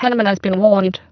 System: VC, spectral filtering